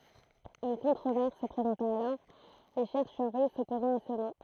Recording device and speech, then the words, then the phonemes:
throat microphone, read sentence
Une controverse se présenta alors, les chercheurs russes s'opposant à ce nom.
yn kɔ̃tʁovɛʁs sə pʁezɑ̃ta alɔʁ le ʃɛʁʃœʁ ʁys sɔpozɑ̃t a sə nɔ̃

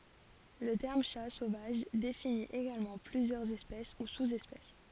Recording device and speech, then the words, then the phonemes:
forehead accelerometer, read sentence
Le terme Chat sauvage définit également plusieurs espèces ou sous-espèces.
lə tɛʁm ʃa sovaʒ defini eɡalmɑ̃ plyzjœʁz ɛspɛs u suz ɛspɛs

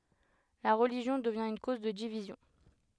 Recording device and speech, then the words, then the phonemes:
headset microphone, read sentence
La religion devient une cause de division.
la ʁəliʒjɔ̃ dəvjɛ̃ yn koz də divizjɔ̃

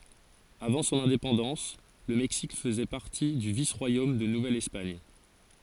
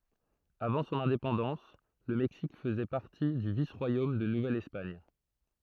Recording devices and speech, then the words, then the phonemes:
forehead accelerometer, throat microphone, read sentence
Avant son indépendance, le Mexique faisait partie du vice-royaume de Nouvelle-Espagne.
avɑ̃ sɔ̃n ɛ̃depɑ̃dɑ̃s lə mɛksik fəzɛ paʁti dy vis ʁwajom də nuvɛl ɛspaɲ

